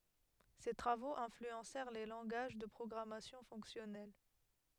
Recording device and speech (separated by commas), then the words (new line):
headset microphone, read sentence
Ses travaux influencèrent les langages de programmation fonctionnelle.